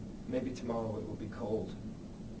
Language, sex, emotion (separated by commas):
English, male, neutral